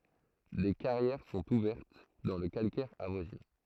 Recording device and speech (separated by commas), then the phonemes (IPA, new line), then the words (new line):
throat microphone, read sentence
de kaʁjɛʁ sɔ̃t uvɛʁt dɑ̃ lə kalkɛʁ avwazinɑ̃
Des carrières sont ouvertes dans le calcaire avoisinant.